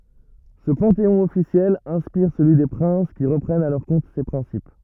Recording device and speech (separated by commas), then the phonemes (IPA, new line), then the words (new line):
rigid in-ear microphone, read sentence
sə pɑ̃teɔ̃ ɔfisjɛl ɛ̃spiʁ səlyi de pʁɛ̃s ki ʁəpʁɛnt a lœʁ kɔ̃t se pʁɛ̃sip
Ce panthéon officiel inspire celui des princes qui reprennent à leur compte ses principes.